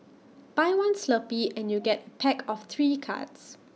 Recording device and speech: mobile phone (iPhone 6), read sentence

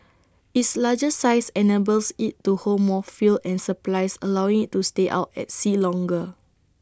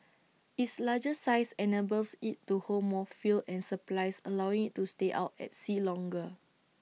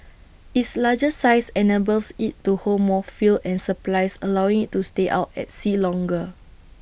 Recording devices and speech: standing microphone (AKG C214), mobile phone (iPhone 6), boundary microphone (BM630), read sentence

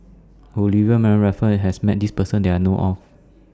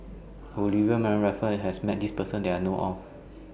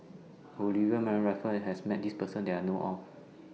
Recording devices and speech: standing microphone (AKG C214), boundary microphone (BM630), mobile phone (iPhone 6), read sentence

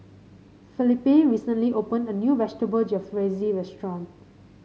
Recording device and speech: mobile phone (Samsung C5), read sentence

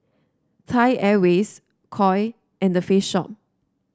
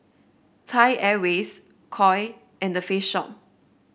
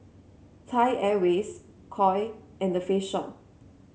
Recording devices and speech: standing microphone (AKG C214), boundary microphone (BM630), mobile phone (Samsung C7), read sentence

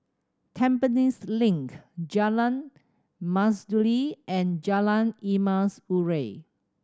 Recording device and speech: standing microphone (AKG C214), read sentence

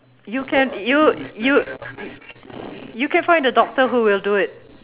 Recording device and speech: telephone, conversation in separate rooms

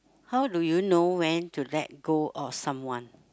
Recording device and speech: close-talking microphone, conversation in the same room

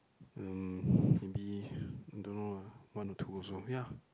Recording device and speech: close-talking microphone, conversation in the same room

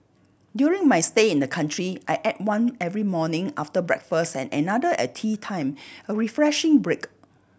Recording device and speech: boundary microphone (BM630), read sentence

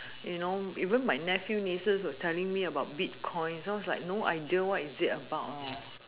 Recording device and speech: telephone, conversation in separate rooms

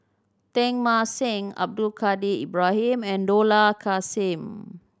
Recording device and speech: standing microphone (AKG C214), read sentence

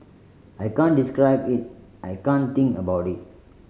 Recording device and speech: mobile phone (Samsung C5010), read sentence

